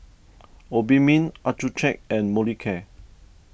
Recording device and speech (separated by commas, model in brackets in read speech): boundary microphone (BM630), read sentence